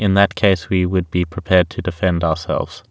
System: none